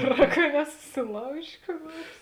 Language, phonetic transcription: Lithuanian, ˈgeˌrā ka nesusiˈlaužė kų ˈnuors

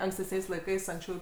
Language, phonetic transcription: Lithuanian, ankstesˈniais laiˈkais anksˈčiau

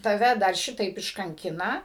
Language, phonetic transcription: Lithuanian, taˈve dar ˈšitaip iškanˈkina

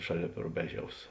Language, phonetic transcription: Lithuanian, ˈšaˌlėp ruˈbeˌžiaus

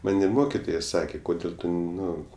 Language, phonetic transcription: Lithuanian, ˈman' i ˈmokitoja ˈsakė ˈkodėl' ˈtu ˈnu

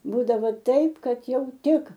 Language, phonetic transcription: Lithuanian, ˈbūdavo ˈtaip ˈkad ˈjau ˈtik

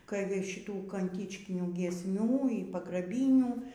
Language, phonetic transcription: Lithuanian, kai ˈva ˈšitų kanˈtičkinių giesˈmių y pagraˈbynių

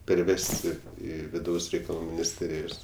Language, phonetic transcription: Lithuanian, perˈvesti ˈį viˈdaus reikaˈlų minisˈtėrijos

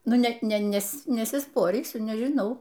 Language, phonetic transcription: Lithuanian, ˈnu ˈnet ˈnes nesiˈsporysiu nežiˈnau

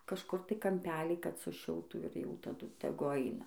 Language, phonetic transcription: Lithuanian, kažˈkur tai kamˈpelį kad suˈšiltų ir jau taˈdu teˈgu ˈaina

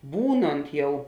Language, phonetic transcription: Lithuanian, ˈbūnont ˈjau

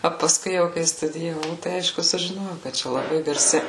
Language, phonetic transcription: Lithuanian, o paˈskui jau kai studijaˈvau tai ˈaišku sužiˈnojau kad ˈčia laˈbai garˈsi

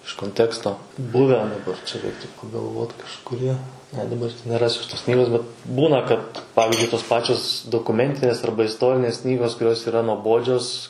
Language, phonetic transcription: Lithuanian, iš konˈteksto ˈbuvę daˈbar čia ˈreiktu pagalˈvot kažkuˈrie ne daˈbar tai neˈrasiu aš tos ˈknygos bet ˈbūna kad ˈpavizdžiui tos ˈpačios dokuˈmentinės ˈarba isˈtorinės ˈknygos kuˈrios yˈra nuoˈbodžios

